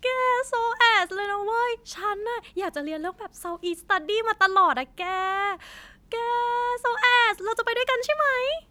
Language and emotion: Thai, happy